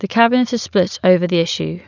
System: none